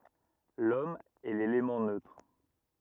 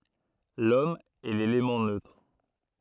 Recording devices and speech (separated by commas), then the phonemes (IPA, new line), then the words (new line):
rigid in-ear microphone, throat microphone, read sentence
lɔm ɛ lelemɑ̃ nøtʁ
L’Homme est l’élément neutre.